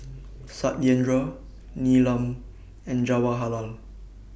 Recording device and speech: boundary microphone (BM630), read sentence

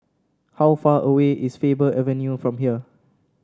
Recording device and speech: standing microphone (AKG C214), read sentence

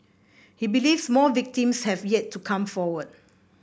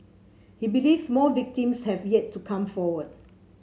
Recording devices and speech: boundary microphone (BM630), mobile phone (Samsung C7), read sentence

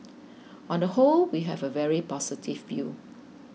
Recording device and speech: mobile phone (iPhone 6), read sentence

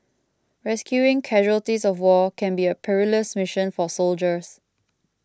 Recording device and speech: close-talking microphone (WH20), read sentence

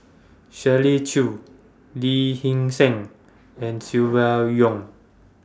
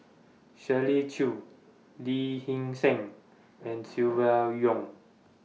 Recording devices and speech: standing microphone (AKG C214), mobile phone (iPhone 6), read sentence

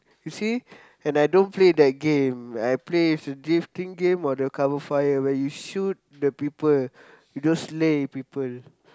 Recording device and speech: close-talking microphone, conversation in the same room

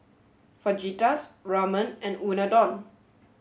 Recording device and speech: mobile phone (Samsung S8), read sentence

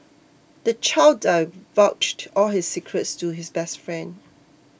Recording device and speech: boundary microphone (BM630), read sentence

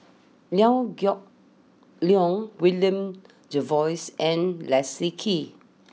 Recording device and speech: mobile phone (iPhone 6), read sentence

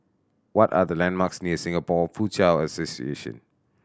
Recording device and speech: standing microphone (AKG C214), read sentence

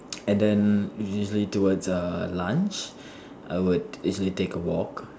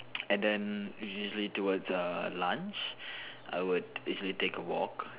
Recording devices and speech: standing microphone, telephone, conversation in separate rooms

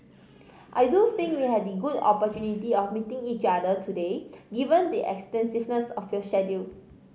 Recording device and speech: mobile phone (Samsung C5010), read sentence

